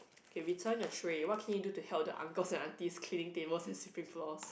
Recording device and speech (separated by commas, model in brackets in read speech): boundary microphone, conversation in the same room